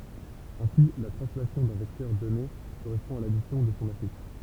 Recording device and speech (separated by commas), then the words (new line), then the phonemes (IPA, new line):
temple vibration pickup, read sentence
Ainsi, la translation d'un vecteur donné correspond à l'addition de son affixe.
ɛ̃si la tʁɑ̃slasjɔ̃ dœ̃ vɛktœʁ dɔne koʁɛspɔ̃ a ladisjɔ̃ də sɔ̃ afiks